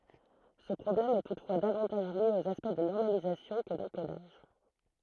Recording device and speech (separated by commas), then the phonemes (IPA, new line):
throat microphone, read sentence
sə pʁɔblɛm ɛ tutfwa davɑ̃taʒ lje oz aspɛkt də nɔʁmalizasjɔ̃ kə dɑ̃kodaʒ